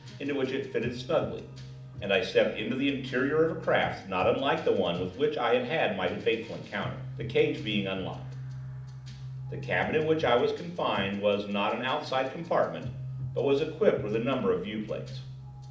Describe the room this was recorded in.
A moderately sized room (about 5.7 m by 4.0 m).